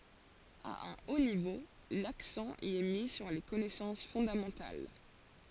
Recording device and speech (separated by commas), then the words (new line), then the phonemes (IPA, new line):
forehead accelerometer, read sentence
À un haut niveau, l'accent y est mis sur les connaissances fondamentales.
a œ̃ o nivo laksɑ̃ i ɛ mi syʁ le kɔnɛsɑ̃s fɔ̃damɑ̃tal